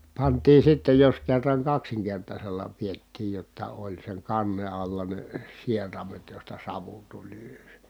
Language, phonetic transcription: Finnish, pantii sitte jos kerraŋ kaksiŋkertasella piettiij jotta oĺ seŋ kanne alla ne , sieramet josta savu tuĺ (ylös) .
- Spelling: pantiin sitten jos kerran kaksinkertaisella pidettiin jotta oli sen kannen alla ne sieraimet josta savu tuli ylös

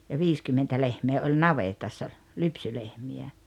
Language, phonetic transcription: Finnish, ja "viiskymmentä 'lehmee oĺ "navetassa , 'lypsylehmi₍ä .
- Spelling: ja viisikymmentä lehmää oli navetassa lypsylehmiä

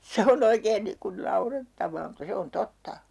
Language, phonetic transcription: Finnish, se 'o"n ‿oikeen 'niiŋ kun 'naurettav̀aa mutta 'se on "totta .
- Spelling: se on oikein niin kuin naurettavaa mutta se on totta

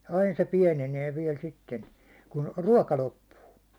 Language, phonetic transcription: Finnish, 'ain se 'piɛnenee viɛl 'sitten , kun , "ruåka 'loppuu .
- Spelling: aina se pienenee vielä sitten kun ruoka loppuu

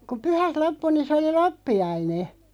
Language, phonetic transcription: Finnish, ku "pyhät 'loppu niin̬ se 'oli "loppi₍aine .
- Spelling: kun pyhät loppui niin se oli loppiainen

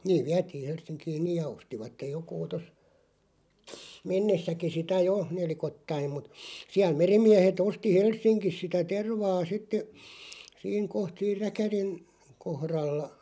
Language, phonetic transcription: Finnish, 'niiᵛ "viätiiʰ 'Hels̆siŋkiiⁿ "niij ja 'ostivattej 'jokuu tos , "mennessäki sitä 'jo , 'nelikottaiᵐ mut , 'siäl 'merim̆miähet 'osti "Hels̆siŋkis sitä 'tervaa 'sitte , 'siiŋ 'koht siir "räkärin , 'kohralla ,.
- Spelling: niin vietiin Helsinkiin niin ja ostivat joku tuossa mennessäkin sitä jo nelikoittain mutta siellä merimiehet osti Helsingissä sitä tervaa sitten siinä kohta siinä räkärin kohdalla

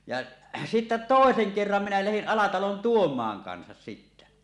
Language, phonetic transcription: Finnish, ja , sittä "tòeseŋ 'kerram minä lähin 'Alatalon "Tuom̀aaŋ kansas sittä .
- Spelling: ja sitten toisen kerran minä lähdin Alatalon Tuomaan kanssa sitten

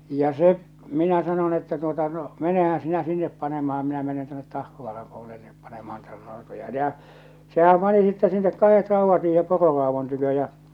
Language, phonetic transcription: Finnish, ja 'se , 'minä sanon että tuota no , » 'menehän̬ sinä 'sinnep panemaham minä menen 'tuonnet 'Tahkovaaram (puo)lellep panemahan Nɪɪtä raotoja « 'jà , 'sehäm pani sittä sinnek 'kahet 'rauvvat siihem 'pororaavon tykö ja .
- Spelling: ja se minä sanon että tuota no menehän sinä sinne panemaan minä menen tuonne Tahkovaaran puolelle panemaan niitä rautoja ja sehän pani sitten sinne kahdet raudat siihen pororaadon tykö ja

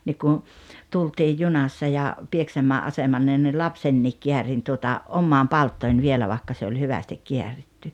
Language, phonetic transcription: Finnish, nik kun̬ , 'tultiij "junassa ja , 'Pieksäm̀ää’ "asemanne ni "lapsenniik 'kiärin tuota , 'ommaan "palttòin 'vielä 'vàⁱkka se oĺ 'hyvästik 'kiäritty .
- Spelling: niin kun tultiin junassa ja Pieksämäen asemalle niin lapsenkin käärin tuota omaan palttooseen vielä vaikka se oli hyvästi kääritty

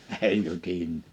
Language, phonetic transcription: Finnish, » hèi 'jytinn[öö] « .
- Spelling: ei jytinää

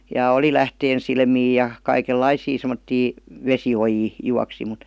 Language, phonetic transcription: Finnish, ja oli "lähteensilmii ja , 'kai-kel"laisii sem°ttii , "vesi₍ojii , 'juaksi mut .
- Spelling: ja oli lähteensilmiä ja kaikenlaisia semmoisia vesiojia juoksi mutta

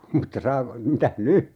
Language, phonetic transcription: Finnish, 'mutta "saa(ko) , 'mitäh "ny ?
- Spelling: mutta saako mitäs nyt

